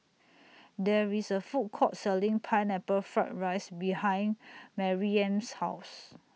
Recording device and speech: mobile phone (iPhone 6), read sentence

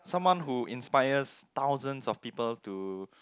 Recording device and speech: close-talking microphone, conversation in the same room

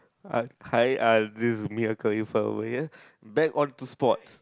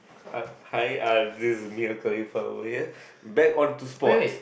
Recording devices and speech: close-talking microphone, boundary microphone, conversation in the same room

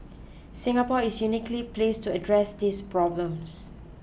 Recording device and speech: boundary microphone (BM630), read sentence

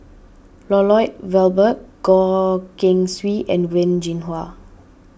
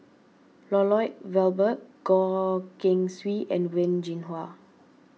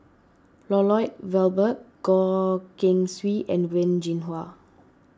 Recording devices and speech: boundary microphone (BM630), mobile phone (iPhone 6), standing microphone (AKG C214), read sentence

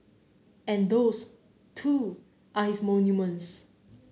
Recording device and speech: mobile phone (Samsung C9), read sentence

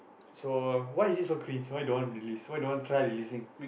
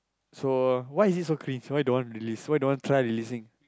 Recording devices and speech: boundary microphone, close-talking microphone, conversation in the same room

